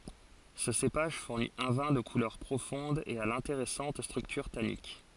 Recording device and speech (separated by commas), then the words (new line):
forehead accelerometer, read sentence
Ce cépage fournit un vin de couleur profonde et à l’intéressante structure tannique.